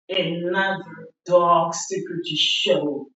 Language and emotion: English, disgusted